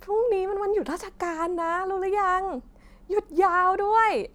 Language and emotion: Thai, happy